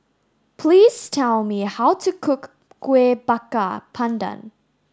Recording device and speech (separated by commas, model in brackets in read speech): standing microphone (AKG C214), read sentence